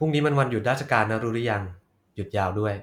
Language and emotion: Thai, neutral